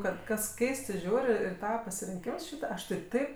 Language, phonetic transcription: Lithuanian, ˈkad ˈkas ˈkeistɜ ˈžiūr' ir i ˈtava pasirinˈkims ˈšyta ˈaš tai ˈtaip

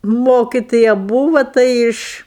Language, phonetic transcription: Lithuanian, ˈmokitoja ˈbūva ˈtai iš

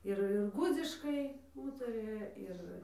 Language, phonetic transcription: Lithuanian, ˈir ir ˈgudziškai ˈūtarija ˈir

